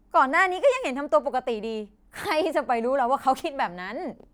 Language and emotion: Thai, happy